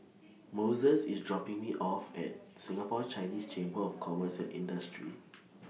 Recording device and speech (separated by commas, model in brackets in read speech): mobile phone (iPhone 6), read sentence